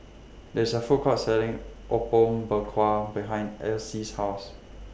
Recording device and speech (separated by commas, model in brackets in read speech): boundary microphone (BM630), read sentence